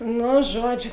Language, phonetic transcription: Lithuanian, ˈnu ˈžuoˌdžiu

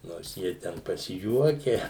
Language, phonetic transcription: Lithuanian, nors ˈjie ten pasiˈjuokia

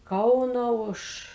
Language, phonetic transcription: Lithuanian, ˈkauno ˈuž

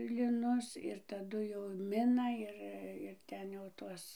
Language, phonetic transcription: Lithuanian, liˈnus ir taˈdu jau ˈmina ˈir ir ˈten jau ˈtuos

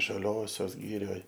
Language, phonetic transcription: Lithuanian, žaˈliosios ˈgirioj

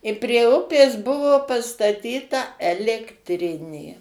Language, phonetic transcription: Lithuanian, i prie ˈupės ˈbuvo pastaˈtyta elektˈrinė

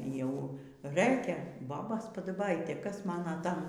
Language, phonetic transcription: Lithuanian, jau ˈrɘkia ˈbobos padaˈbaitė ˈkas ˈmana ˈtam

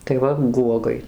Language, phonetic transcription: Lithuanian, tai ˈva ˈguogai

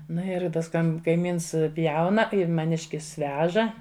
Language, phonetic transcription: Lithuanian, ˈnu ir ˈtas ˈkam kaiˈmyns ˈpjauna ir maˈniškis ˈveža

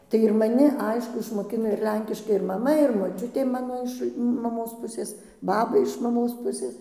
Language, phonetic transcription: Lithuanian, tai ir maˈni ˈaišku išmoˈkino ir ˈlenkiškai ir maˈma ir moˈčiutė ˈmano iš maˈmos ˈpusės ˈbaba iš maˈmos ˈpusės

